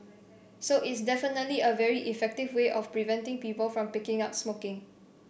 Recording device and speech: boundary microphone (BM630), read sentence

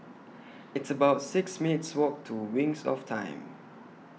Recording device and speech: mobile phone (iPhone 6), read sentence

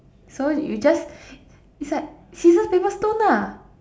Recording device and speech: standing microphone, conversation in separate rooms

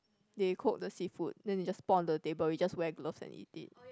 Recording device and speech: close-talking microphone, conversation in the same room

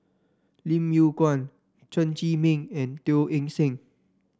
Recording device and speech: standing microphone (AKG C214), read sentence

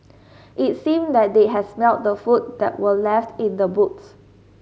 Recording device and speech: mobile phone (Samsung S8), read sentence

